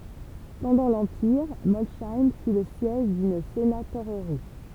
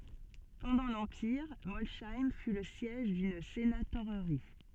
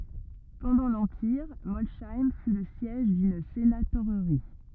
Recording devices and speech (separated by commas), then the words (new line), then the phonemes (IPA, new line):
temple vibration pickup, soft in-ear microphone, rigid in-ear microphone, read sentence
Pendant l'empire, Molsheim fut le siège d'une sénatorerie.
pɑ̃dɑ̃ lɑ̃piʁ mɔlʃɛm fy lə sjɛʒ dyn senatoʁʁi